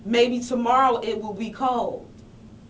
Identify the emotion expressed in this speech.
neutral